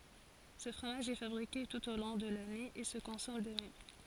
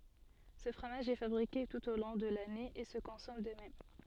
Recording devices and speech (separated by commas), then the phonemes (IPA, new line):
forehead accelerometer, soft in-ear microphone, read sentence
sə fʁomaʒ ɛ fabʁike tut o lɔ̃ də lane e sə kɔ̃sɔm də mɛm